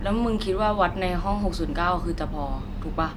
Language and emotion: Thai, frustrated